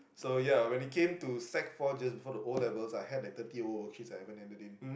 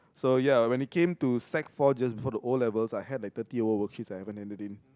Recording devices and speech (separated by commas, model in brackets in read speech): boundary microphone, close-talking microphone, conversation in the same room